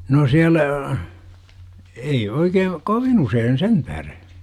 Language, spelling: Finnish, no siellä ei oikein kovin usein sen tähden
- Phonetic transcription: 'no siälä , 'ei oikee' , "kovin 'useen "sentäh§re .

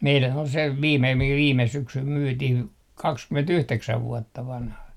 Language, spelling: Finnish, meidän oli se viime mikä viime syksynä myytiin kaksikymmentäyhdeksän vuotta vanha
- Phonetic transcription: meilän ol se 'viime , mikä 'viime 'syksym "myytih , 'kakskymen"tyhteksäv "vuotta 'vanha .

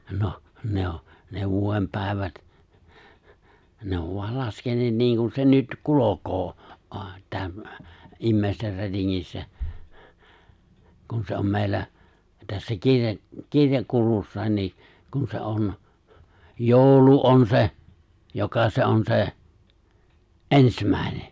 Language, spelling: Finnish, noh ne on ne vuoden päivät ne on vain laskeneet niin kuin se nyt kulkee - - ihmisten rätingissä kun se on meillä tässä - kirjakulussakin niin kun se on joulu on se joka se on se ensimmäinen
- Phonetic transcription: 'noh , ne o , ne 'vuᵒem 'pä̀evät , 'ne ov voal 'laskeǹeet 'niiŋkun se 'nyt 'kulokoo , oha- , täm- , '’immèister 'rätiŋŋissä , 'kun se om 'mèi̬llä , tässä 'kirja- , 'kirjakulussài̬n ni , kun se 'on , 'jooᵘlu on 'se , joka 'se on 'se , '’ensmä̀ene .

